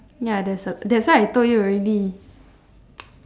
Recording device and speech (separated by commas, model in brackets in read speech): standing microphone, conversation in separate rooms